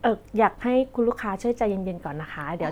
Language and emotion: Thai, neutral